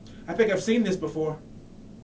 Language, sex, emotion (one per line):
English
male
neutral